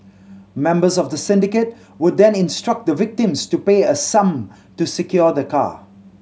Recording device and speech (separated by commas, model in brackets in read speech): mobile phone (Samsung C7100), read sentence